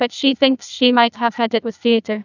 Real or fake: fake